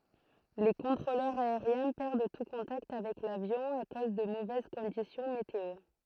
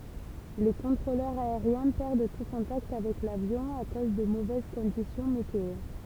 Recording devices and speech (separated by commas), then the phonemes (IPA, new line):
throat microphone, temple vibration pickup, read sentence
le kɔ̃tʁolœʁz aeʁjɛ̃ pɛʁd tu kɔ̃takt avɛk lavjɔ̃ a koz də movɛz kɔ̃disjɔ̃ meteo